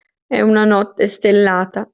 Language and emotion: Italian, sad